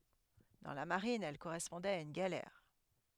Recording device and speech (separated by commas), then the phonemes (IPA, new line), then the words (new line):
headset microphone, read sentence
dɑ̃ la maʁin ɛl koʁɛspɔ̃dɛt a yn ɡalɛʁ
Dans la marine, elle correspondait à une galère.